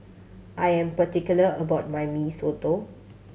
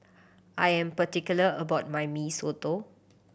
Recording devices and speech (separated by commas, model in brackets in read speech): mobile phone (Samsung C7100), boundary microphone (BM630), read sentence